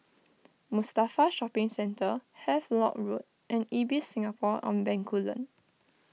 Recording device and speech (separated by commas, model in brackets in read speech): mobile phone (iPhone 6), read sentence